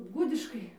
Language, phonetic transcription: Lithuanian, ˈgudiškai

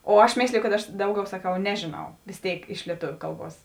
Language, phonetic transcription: Lithuanian, o ˈaš ˈmėsliju kad ˈaš ˈdauˌgiau saˈkau ˈnežėˌnau vės ˈtėik iš lieˈtoviu ˈkalˌbuos

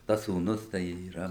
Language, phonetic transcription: Lithuanian, ˈtas sūˈnus tai yˈra

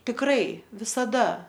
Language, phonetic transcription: Lithuanian, tikˈrai visaˈda

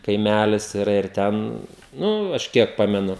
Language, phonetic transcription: Lithuanian, kaiˈmælis iˈra ir ˈten ˈnu ˈaš ˈkiek ˈpamenu

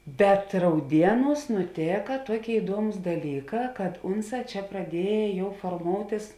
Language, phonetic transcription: Lithuanian, bet rauˈdieˌnūs nuˈtėka ˈtuoˌkėi iˈduomus daˈlyˌkā kad ˈunˌsā ˈčia praˈdieja ˈjau forˈmoutis

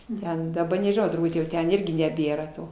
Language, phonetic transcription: Lithuanian, ˈten daˈba nežiˈnau turˈbūt jau ˈten ˈirgi neˈbėra ˈto

